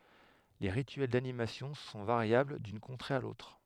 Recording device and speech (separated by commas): headset microphone, read sentence